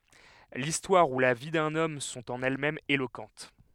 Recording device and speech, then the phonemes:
headset microphone, read sentence
listwaʁ u la vi dœ̃n ɔm sɔ̃t ɑ̃n ɛlɛsmɛmz elokɑ̃t

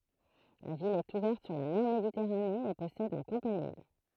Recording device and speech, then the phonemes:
throat microphone, read sentence
la vil ɛt uvɛʁt syʁ la mɛʁ meditɛʁane e pɔsɛd œ̃ kɑ̃panil

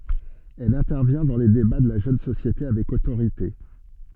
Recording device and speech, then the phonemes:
soft in-ear microphone, read sentence
ɛl ɛ̃tɛʁvjɛ̃ dɑ̃ le deba də la ʒøn sosjete avɛk otoʁite

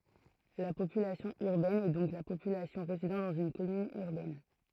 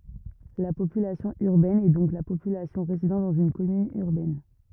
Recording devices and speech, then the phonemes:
throat microphone, rigid in-ear microphone, read sentence
la popylasjɔ̃ yʁbɛn ɛ dɔ̃k la popylasjɔ̃ ʁezidɑ̃ dɑ̃z yn kɔmyn yʁbɛn

